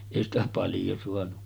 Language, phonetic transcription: Finnish, 'èi ‿stä 'paljo suanu .
- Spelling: ei sitä paljon saanut

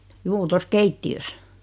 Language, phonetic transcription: Finnish, 'juu tos 'keitti₍ös .
- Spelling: juu tuossa keittiössä

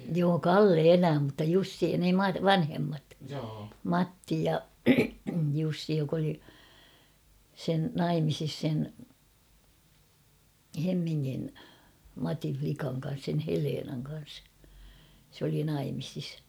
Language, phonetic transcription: Finnish, joo "Kalle "elää mutta 'Jussi ne 'Mat- "vanhemmat ; "Matti ja' 'Jussi jok ‿oli , sen "naimisis sen , 'Hemmiŋŋin , "Matin͕̬ 'flikaŋ kan̬s sen̳ 'Heleenaŋ kan̬s , se ‿oli 'naimisis .
- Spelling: joo Kalle elää mutta Jussi ne - vanhemmat Matti ja Jussi joka oli sen naimisissa sen Hemmingin Matin likan kanssa sen Helenan kanssa se oli naimisissa

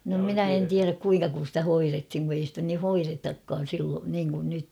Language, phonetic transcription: Finnish, no 'minä en 'tiäräk 'kuiŋka kun̬ stä "hoirethiŋ ku ei stä ni "hoiretakkaan̬ 'sil- niiŋkun 'nyt .
- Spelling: no minä en tiedä kuinka kun sitä hoidettiin kun ei sitä niin hoidetakaan - niin kuin nyt

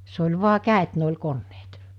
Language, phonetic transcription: Finnish, se oĺ 'vu̬a 'kä̀et ne oĺ 'konneet .
- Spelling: se oli vain kädet ne oli koneet

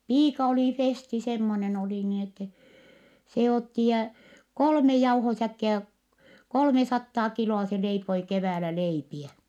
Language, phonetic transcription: Finnish, piika oli Festi semmonen ‿oli niin ‿ettɛ , se otti jä , kolme jauhosäkkiä , kolmesattaa kilo₍a se leipoi keväälä leipiɛ .
- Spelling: piika oli Festi semmoinen oli niin että se otti ja kolme jauhosäkkiä kolmesataa kiloa se leipoi keväällä leipiä

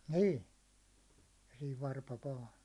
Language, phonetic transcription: Finnish, 'nii , ja siiv 'varpa vaa .
- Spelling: niin ja siinä varpa vain

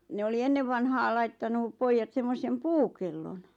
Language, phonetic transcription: Finnish, ne oli 'ennev vanhaal 'laittanu , "poijjat semmosem "puukellon .
- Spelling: ne oli ennen vanhaan laittanut pojat semmoisen puukellon

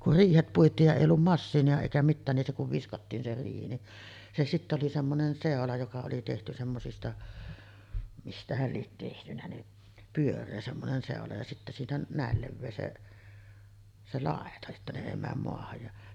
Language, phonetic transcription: Finnish, kur 'riihet 'puit̆tiij ja 'èij ‿ollum "massiini₍a èikä 'mittään nin se kuv 'viskattiin se riihi ni , se 'sittä oli semmonen "sèola joka oli tehty 'semmosista , 'mistähäl liet tehtynä ni , 'pyör̆ree semmonen 'sèola ja sittä siinä 'nä̀el 'levvee se , 'se "làeta että ne 'èi määm moahaj ja ,.
- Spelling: kun riihet puitiin ja ei ollut masiinaa eikä mitään niin se kun viskattiin se riihi niin se sitten oli semmoinen seula joka oli tehty semmoisista mistähän lie tehtynä niin pyöreä semmoinen seula ja sitten siinä näin leveä se se laita että ne ei mene maahan ja

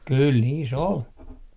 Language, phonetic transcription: Finnish, kul 'niis 'ol .
- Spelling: kyllä niissä oli

